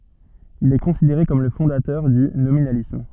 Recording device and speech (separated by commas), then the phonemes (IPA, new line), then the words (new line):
soft in-ear microphone, read sentence
il ɛ kɔ̃sideʁe kɔm lə fɔ̃datœʁ dy nominalism
Il est considéré comme le fondateur du nominalisme.